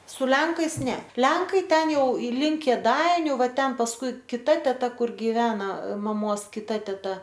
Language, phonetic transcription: Lithuanian, su ˈlenkais ˈne ˈlenkai ˈten ˈjau i ˈlink kėˈdainiu ˈva ˈten pasˈkui kiˈta teˈta ˈkur giˈvena maˈmos kiˈta teˈta

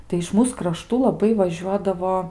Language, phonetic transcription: Lithuanian, tai iš ˈmūs kraˈštų laˈbai vaˈžiuodavo

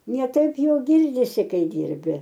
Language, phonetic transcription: Lithuanian, ne ˈtaip jo ˈgirdisi ˈkai ˈdyrbi

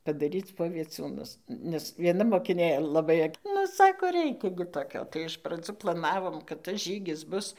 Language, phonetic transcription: Lithuanian, padaˈryc po vieˈcūnus nes vieˈna mokiˈnė laˈbai ak ˈnu ˈsako ˈreikia gi toˈkio tai iš praˈdzų plaˈnavom kad tas ˈžygis ˈbus

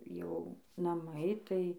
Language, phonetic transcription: Lithuanian, jau naˈmai ˈtai

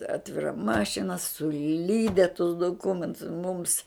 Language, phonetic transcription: Lithuanian, ˈatvira ˈmašina suˈlyde tus duˈkumentus mūms

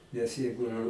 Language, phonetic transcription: Lithuanian, nes ˈjeigu

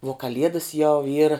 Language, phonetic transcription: Lithuanian, uo kaˈliedas jau ˈyra

